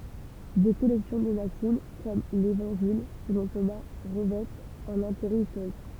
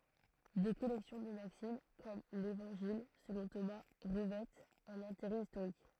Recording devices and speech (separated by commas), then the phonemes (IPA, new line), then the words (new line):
temple vibration pickup, throat microphone, read sentence
de kɔlɛksjɔ̃ də maksim kɔm levɑ̃ʒil səlɔ̃ toma ʁəvɛtt œ̃n ɛ̃teʁɛ istoʁik
Des collections de maximes, comme l'Évangile selon Thomas, revêtent un intérêt historique.